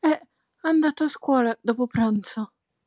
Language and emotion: Italian, surprised